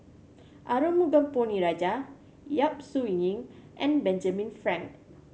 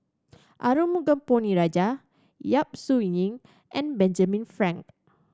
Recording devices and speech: mobile phone (Samsung C7100), standing microphone (AKG C214), read sentence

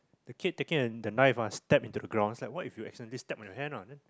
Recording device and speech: close-talking microphone, conversation in the same room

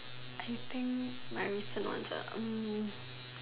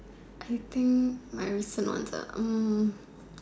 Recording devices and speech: telephone, standing microphone, conversation in separate rooms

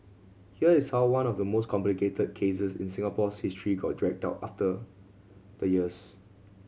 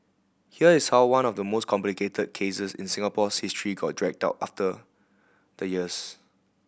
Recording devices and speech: mobile phone (Samsung C7100), boundary microphone (BM630), read sentence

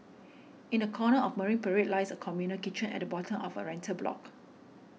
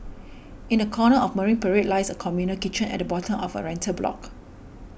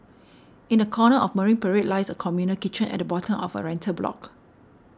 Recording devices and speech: mobile phone (iPhone 6), boundary microphone (BM630), standing microphone (AKG C214), read sentence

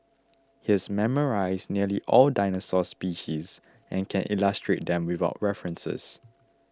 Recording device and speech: close-talking microphone (WH20), read sentence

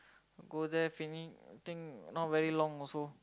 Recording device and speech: close-talking microphone, conversation in the same room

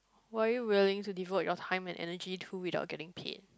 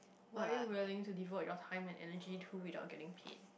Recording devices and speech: close-talking microphone, boundary microphone, conversation in the same room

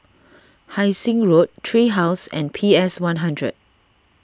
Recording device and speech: standing microphone (AKG C214), read sentence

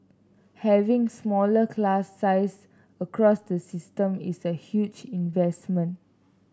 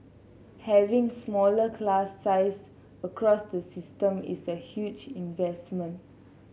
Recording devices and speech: standing microphone (AKG C214), mobile phone (Samsung C7), read sentence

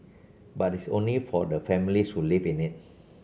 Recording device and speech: mobile phone (Samsung C7), read sentence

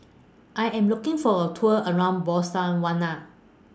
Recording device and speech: standing microphone (AKG C214), read sentence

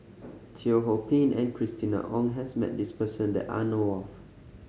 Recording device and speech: mobile phone (Samsung C5010), read sentence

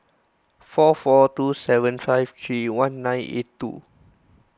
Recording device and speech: close-talking microphone (WH20), read sentence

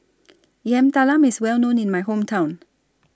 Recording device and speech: standing microphone (AKG C214), read sentence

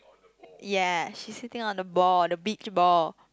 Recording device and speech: close-talking microphone, conversation in the same room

